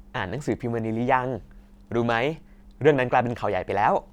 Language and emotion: Thai, happy